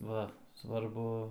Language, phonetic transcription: Lithuanian, ˈva svarˈbu

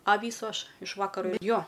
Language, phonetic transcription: Lithuanian, a ˈvysu ˈaš iš ˈvakaro ˈjo

